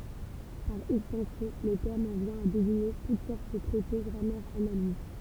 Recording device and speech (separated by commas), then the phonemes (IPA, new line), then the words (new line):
temple vibration pickup, read sentence
paʁ ɛkstɑ̃sjɔ̃ lə tɛʁm ɑ̃ vjɛ̃ a deziɲe tut sɔʁt də tʁɛte ɡʁamɛʁz analiz
Par extension, le terme en vient à désigner toutes sortes de traités, grammaires, analyses.